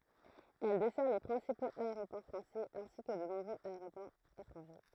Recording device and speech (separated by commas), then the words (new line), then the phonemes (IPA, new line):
throat microphone, read sentence
Elle dessert les principaux aéroports français ainsi que de nombreux aéroports étrangers.
ɛl dɛsɛʁ le pʁɛ̃sipoz aeʁopɔʁ fʁɑ̃sɛz ɛ̃si kə də nɔ̃bʁøz aeʁopɔʁz etʁɑ̃ʒe